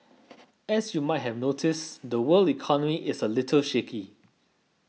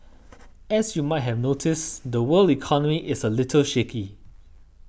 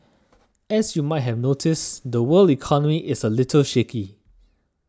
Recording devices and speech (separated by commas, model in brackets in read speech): mobile phone (iPhone 6), boundary microphone (BM630), standing microphone (AKG C214), read sentence